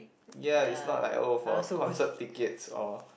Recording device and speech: boundary microphone, conversation in the same room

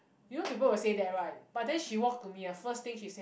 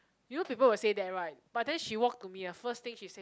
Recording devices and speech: boundary microphone, close-talking microphone, conversation in the same room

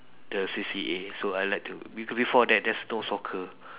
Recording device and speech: telephone, conversation in separate rooms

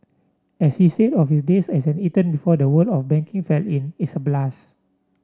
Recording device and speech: standing microphone (AKG C214), read sentence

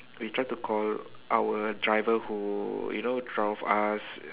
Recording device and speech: telephone, conversation in separate rooms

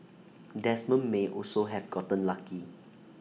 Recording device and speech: mobile phone (iPhone 6), read sentence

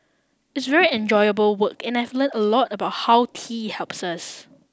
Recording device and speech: standing microphone (AKG C214), read sentence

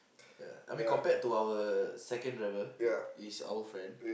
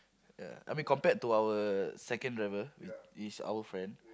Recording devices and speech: boundary microphone, close-talking microphone, conversation in the same room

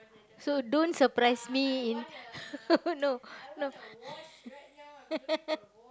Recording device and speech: close-talking microphone, conversation in the same room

